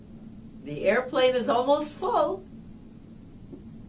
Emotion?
happy